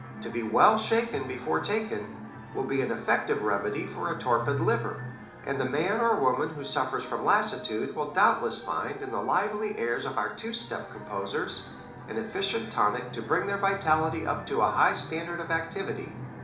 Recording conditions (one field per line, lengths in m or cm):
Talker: one person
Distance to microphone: 2.0 m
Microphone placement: close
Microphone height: 99 cm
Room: medium-sized (5.7 m by 4.0 m)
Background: television